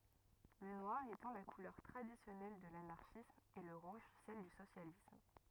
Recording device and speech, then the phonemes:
rigid in-ear microphone, read sentence
lə nwaʁ etɑ̃ la kulœʁ tʁadisjɔnɛl də lanaʁʃism e lə ʁuʒ sɛl dy sosjalism

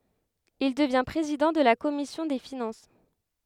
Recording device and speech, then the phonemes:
headset microphone, read sentence
il dəvjɛ̃ pʁezidɑ̃ də la kɔmisjɔ̃ de finɑ̃s

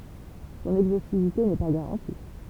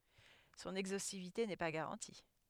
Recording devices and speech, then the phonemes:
temple vibration pickup, headset microphone, read sentence
sɔ̃n ɛɡzostivite nɛ pa ɡaʁɑ̃ti

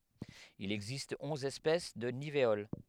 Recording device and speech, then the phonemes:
headset microphone, read sentence
il ɛɡzist ɔ̃z ɛspɛs də niveol

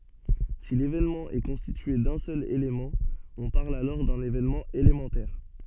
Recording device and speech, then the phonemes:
soft in-ear microphone, read sentence
si levenmɑ̃ ɛ kɔ̃stitye dœ̃ sœl elemɑ̃ ɔ̃ paʁl alɔʁ dœ̃n evenmɑ̃ elemɑ̃tɛʁ

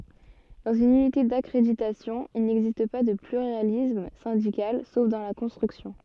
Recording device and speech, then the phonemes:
soft in-ear microphone, read sentence
dɑ̃z yn ynite dakʁeditasjɔ̃ il nɛɡzist pa də plyʁalism sɛ̃dikal sof dɑ̃ la kɔ̃stʁyksjɔ̃

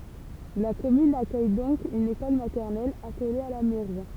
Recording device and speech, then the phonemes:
temple vibration pickup, read sentence
la kɔmyn akœj dɔ̃k yn ekɔl matɛʁnɛl akole a la mɛʁi

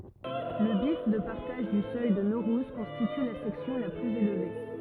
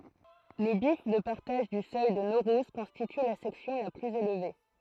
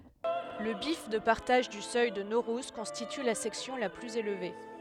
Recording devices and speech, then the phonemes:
rigid in-ear microphone, throat microphone, headset microphone, read sentence
lə bjɛf də paʁtaʒ dy sœj də noʁuz kɔ̃stity la sɛksjɔ̃ la plyz elve

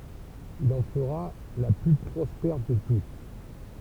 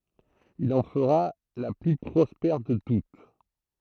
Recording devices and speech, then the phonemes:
temple vibration pickup, throat microphone, read sentence
il ɑ̃ fəʁa la ply pʁɔspɛʁ də tut

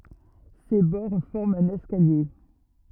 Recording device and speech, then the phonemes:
rigid in-ear microphone, read sentence
se bɔʁ fɔʁmt œ̃n ɛskalje

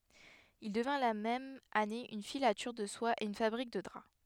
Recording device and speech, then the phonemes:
headset microphone, read sentence
il dəvɛ̃ la mɛm ane yn filatyʁ də swa e yn fabʁik də dʁa

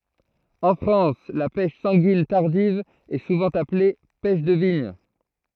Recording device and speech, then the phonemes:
throat microphone, read sentence
ɑ̃ fʁɑ̃s la pɛʃ sɑ̃ɡin taʁdiv ɛ suvɑ̃ aple pɛʃ də viɲ

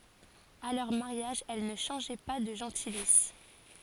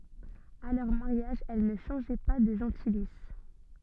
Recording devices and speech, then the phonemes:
forehead accelerometer, soft in-ear microphone, read sentence
a lœʁ maʁjaʒ ɛl nə ʃɑ̃ʒɛ pa də ʒɑ̃tilis

